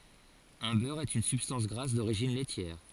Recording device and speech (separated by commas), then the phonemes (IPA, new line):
forehead accelerometer, read sentence
œ̃ bœʁ ɛt yn sybstɑ̃s ɡʁas doʁiʒin lɛtjɛʁ